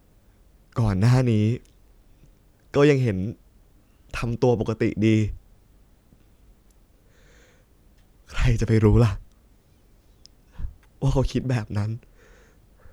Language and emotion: Thai, sad